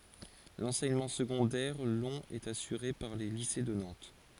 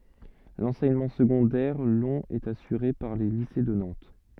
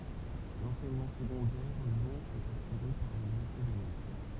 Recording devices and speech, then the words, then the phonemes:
forehead accelerometer, soft in-ear microphone, temple vibration pickup, read sentence
L'enseignement secondaire long est assuré par les lycées de Nantes.
lɑ̃sɛɲəmɑ̃ səɡɔ̃dɛʁ lɔ̃ ɛt asyʁe paʁ le lise də nɑ̃t

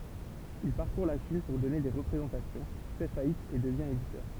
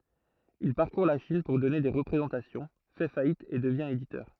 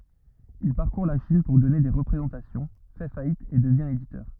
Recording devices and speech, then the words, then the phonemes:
temple vibration pickup, throat microphone, rigid in-ear microphone, read sentence
Il parcourt la Chine pour donner des représentations, fait faillite et devient éditeur.
il paʁkuʁ la ʃin puʁ dɔne de ʁəpʁezɑ̃tasjɔ̃ fɛ fajit e dəvjɛ̃ editœʁ

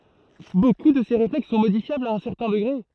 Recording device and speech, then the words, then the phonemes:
throat microphone, read sentence
Beaucoup de ces réflexes sont modifiables à un certain degré.
boku də se ʁeflɛks sɔ̃ modifjablz a œ̃ sɛʁtɛ̃ dəɡʁe

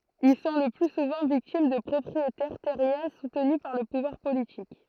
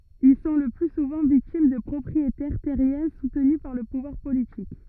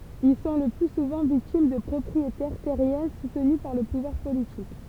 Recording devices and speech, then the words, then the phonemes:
throat microphone, rigid in-ear microphone, temple vibration pickup, read sentence
Ils sont le plus souvent victimes de propriétaires terriens soutenus par le pouvoir politique.
il sɔ̃ lə ply suvɑ̃ viktim də pʁɔpʁietɛʁ tɛʁjɛ̃ sutny paʁ lə puvwaʁ politik

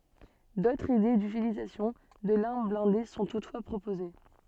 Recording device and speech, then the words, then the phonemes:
soft in-ear microphone, read sentence
D'autres idées d'utilisation de l'arme blindée sont toutefois proposées.
dotʁz ide dytilizasjɔ̃ də laʁm blɛ̃de sɔ̃ tutfwa pʁopoze

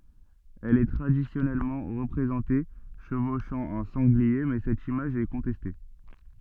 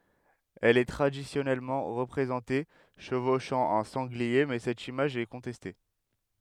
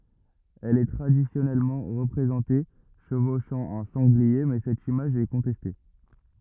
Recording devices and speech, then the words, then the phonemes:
soft in-ear microphone, headset microphone, rigid in-ear microphone, read sentence
Elle est traditionnellement représentée chevauchant un sanglier mais cette image est contestée.
ɛl ɛ tʁadisjɔnɛlmɑ̃ ʁəpʁezɑ̃te ʃəvoʃɑ̃ œ̃ sɑ̃ɡlie mɛ sɛt imaʒ ɛ kɔ̃tɛste

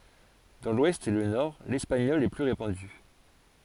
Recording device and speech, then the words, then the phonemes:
forehead accelerometer, read sentence
Dans l'Ouest et le Nord, l'espagnol est plus répandu.
dɑ̃ lwɛst e lə nɔʁ lɛspaɲɔl ɛ ply ʁepɑ̃dy

